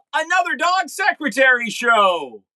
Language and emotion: English, surprised